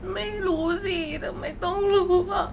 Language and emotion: Thai, sad